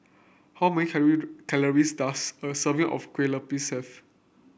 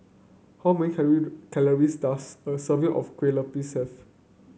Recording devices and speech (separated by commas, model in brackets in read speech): boundary microphone (BM630), mobile phone (Samsung C9), read sentence